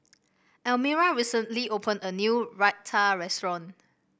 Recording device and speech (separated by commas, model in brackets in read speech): boundary microphone (BM630), read sentence